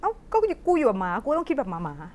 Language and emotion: Thai, angry